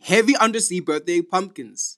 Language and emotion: English, fearful